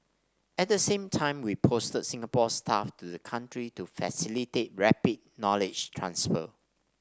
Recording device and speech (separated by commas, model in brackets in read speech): standing microphone (AKG C214), read sentence